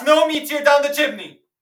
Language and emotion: English, disgusted